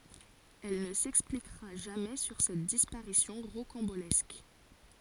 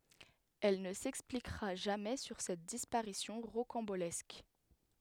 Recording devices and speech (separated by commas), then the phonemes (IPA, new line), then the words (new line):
forehead accelerometer, headset microphone, read sentence
ɛl nə sɛksplikʁa ʒamɛ syʁ sɛt dispaʁisjɔ̃ ʁokɑ̃bolɛsk
Elle ne s'expliquera jamais sur cette disparition rocambolesque.